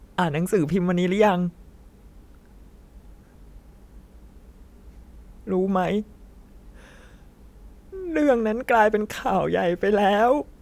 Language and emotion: Thai, sad